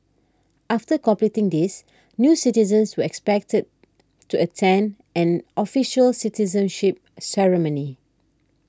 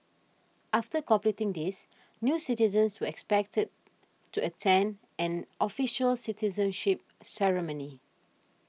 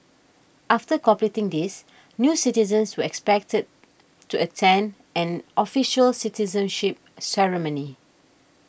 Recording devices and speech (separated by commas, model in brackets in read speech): standing microphone (AKG C214), mobile phone (iPhone 6), boundary microphone (BM630), read sentence